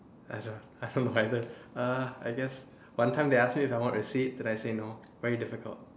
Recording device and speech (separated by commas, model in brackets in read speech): standing microphone, conversation in separate rooms